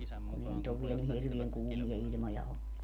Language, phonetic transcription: Finnish, kun ‿ei nyt ‿ov 'viɛl ni hirvieŋ 'kuumija 'iĺmoja ollu .
- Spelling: kun ei nyt ole vielä niin hirveän kuumia ilmoja ollut

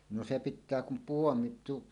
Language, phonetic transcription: Finnish, 'no 'se 'pit̆tää kum "puomi tu- .
- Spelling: no se pitää kun puomi -

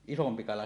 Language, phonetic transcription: Finnish, 'isompi kala .
- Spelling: isompi kala

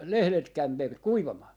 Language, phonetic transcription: Finnish, "lehlet ('kämmer-) , "kuivamaa » .
- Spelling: lehdet - kuivamaan

